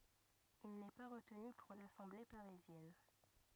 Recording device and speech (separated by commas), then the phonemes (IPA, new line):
rigid in-ear microphone, read sentence
il nɛ pa ʁətny puʁ lasɑ̃ble paʁizjɛn